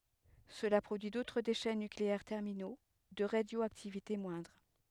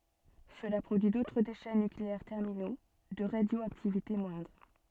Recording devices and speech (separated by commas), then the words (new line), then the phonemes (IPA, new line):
headset microphone, soft in-ear microphone, read sentence
Cela produit d'autres déchets nucléaires terminaux, de radioactivité moindre.
səla pʁodyi dotʁ deʃɛ nykleɛʁ tɛʁmino də ʁadjoaktivite mwɛ̃dʁ